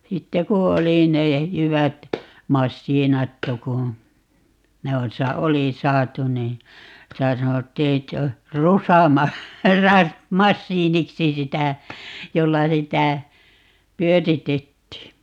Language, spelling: Finnish, sitten kun oli ne jyvät masiinattu kun ne on - oli saatu niin sitä sanottiin että on - - rusamasiiniksi sitä jolla sitä pyöritettiin
- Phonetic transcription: 'sitte ku 'oli ne , 'jyvät , "massiinattu ku , 'ne on sa- , "oli 'saatu nii , 'sitä 'sanottii ett ‿o , "rusama- , ra- , "-massiiniksi 'sitä , 'jolla 'sitä , "pyöritettii .

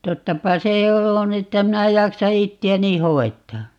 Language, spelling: Finnish, tottapa se on että minä jaksan itseäni hoitaa
- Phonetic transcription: 'tottapa se "on ‿että 'minä 'jaksa 'itti₍äni "hoet̆taa .

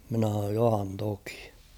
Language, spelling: Finnish, minä sanoin johan toki
- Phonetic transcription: minä h̬an̬ooj » 'johan tokɪ « .

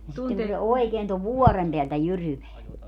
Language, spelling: Finnish, ja sitten kun se oikein tuon vuoren päältä jyryää
- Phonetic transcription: ja 'sitteŋ ku se 'oekeen tov "vuɔrem peältä 'jyryveä .

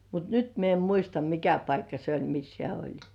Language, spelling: Finnish, mutta nyt minä en muista mikä paikka se oli missä hän oli
- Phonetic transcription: mut "nyt mie em 'muista "mikä paikka 'se ‿oĺ mis "hĕä̀ 'oĺ .

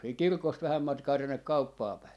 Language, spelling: Finnish, siitä kirkosta vähän matkaa tuonne kauppaan päin
- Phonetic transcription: siik "kirkost 'vähäm 'matkaa tonnek̆ "kauppaa päi .

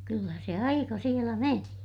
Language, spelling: Finnish, kyllä se aika siellä meni
- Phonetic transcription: kyllä se aika sielä meni .

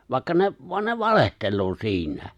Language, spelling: Finnish, vaikka ne vaan ne valehtelee siinä
- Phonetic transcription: 'vàikka 'ne’ , voan ne "valehtelloo 'si̬ińä .

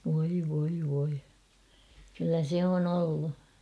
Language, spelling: Finnish, voi voi voi kyllä se on ollut
- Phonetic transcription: voi voi voi , kyllä se on ‿'ollu .

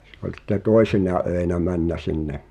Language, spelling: Finnish, se oli sitten toisina öinä mennyt sinne
- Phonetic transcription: se ᵒĺ sⁱtte "tòesina 'öenä männä sinne ,.

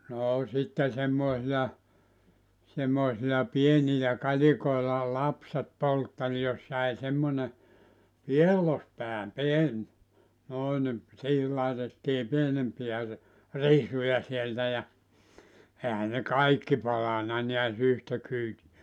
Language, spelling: Finnish, no sitten semmoisia semmoisilla pienillä kalikoilla lapset poltteli jos jäi semmoinen piellospää pieni noin niin siihen laitettiin pienempiä - risuja sieltä ja eihän ne kaikki palanut näet yhtä kyytiä
- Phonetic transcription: 'noo 'sitte 'semmòesija , semmoisila 'pienilä 'kalikoila 'lapset 'polttel jos jäi 'semmone , "piellospää 'pien , 'noi nim , siihil laetettii 'pienempi₍ä ‿r- , "risuja sieltä ja , 'ehä ne "kaikki 'palana niäs 'yhtä kyyti₍ä .

